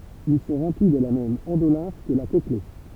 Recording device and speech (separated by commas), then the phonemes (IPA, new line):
temple vibration pickup, read sentence
il sɔ̃ ʁɑ̃pli də la mɛm ɑ̃dolɛ̃f kə la kɔkle